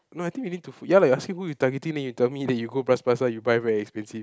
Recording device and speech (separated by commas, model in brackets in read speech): close-talking microphone, conversation in the same room